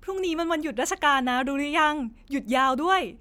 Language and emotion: Thai, happy